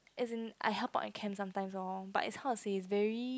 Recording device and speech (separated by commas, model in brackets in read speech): close-talking microphone, conversation in the same room